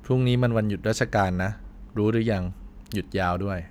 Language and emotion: Thai, neutral